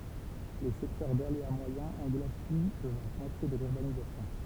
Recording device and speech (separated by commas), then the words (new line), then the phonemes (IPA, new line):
temple vibration pickup, read sentence
Les secteurs d’aléa moyen englobent plus de la moitié de l’urbanisation.
le sɛktœʁ dalea mwajɛ̃ ɑ̃ɡlob ply də la mwatje də lyʁbanizasjɔ̃